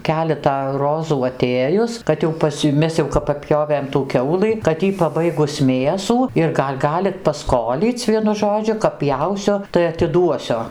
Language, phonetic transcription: Lithuanian, ˈkeletą ˈrozų aˈtėjus kad jau ˈpas jau ˈmes jau paˈpjovėm tų ˈkiaulɨ kad ˈjy paˈbaigus ˈmėsų ir ˈgal' ˈgalit paˈskolyc' ˈvienu ˈžodžiu kap ˈpjausiu tai atiˈduosiu

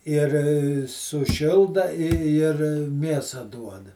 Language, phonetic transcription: Lithuanian, ir suˈšilda i ir ˈmėsa duoda

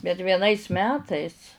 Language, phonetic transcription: Lithuanian, bet vieˈnais ˈmetais

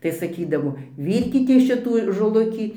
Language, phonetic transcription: Lithuanian, tai saˈkydavo ˈvyrkitės ˈšitų žoˈlukį

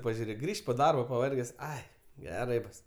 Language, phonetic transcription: Lithuanian, pažiuˈrėk ˈgrįšt' po ˈdarbo paˈvarges ˈai geˈrai ˈbus

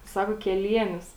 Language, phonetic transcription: Lithuanian, ˈsako keˈlienius

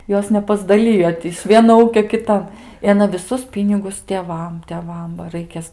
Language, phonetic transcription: Lithuanian, ˈjos nepasdaˈlijo ti iš ˈvieno ˈūkio kiˈtan i aˈna viˈsus ˈpynigus tėˈvam teˈvam ba ˈraikės

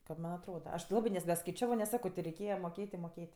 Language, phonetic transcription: Lithuanian, kad ˈman' atˈroda aš ti ˈlabɜ nes neskaiˈčiavo nes ˈsako ti reiˈkėja moˈkėt' i moˈkėt'

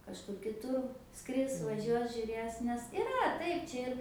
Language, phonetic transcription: Lithuanian, kažˈkur kiˈtur ˈskris vaˈžiuos žiuˈrės nes iˈra ˈtaip ˈčia ir

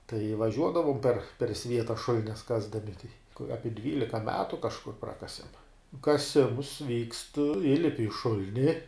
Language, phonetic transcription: Lithuanian, tai vaˈžiuodavom per per ˈsvieta ˈšulines ˈkasdami ˈapi ˈdvylika ˈmetu kažˈkur ˈprakasem kaˈsims vykst ˈįlipi i ˈšul'ni

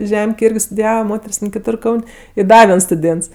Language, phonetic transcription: Lithuanian, ˈžemkėj ˈirgi studiˈjava ˈmoter's' ten kiˈtur ˈkaun' i ˈda ˈviens stuˈdėnts

